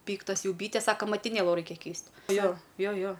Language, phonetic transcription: Lithuanian, ˈpyktas ˈjau ˈbytes ˈsako matiˈnėlu ˈraikia ˈkeist' ˈjo ˈjo ˈjo

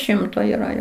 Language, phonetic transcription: Lithuanian, ˈšimto yˈra ˈjo

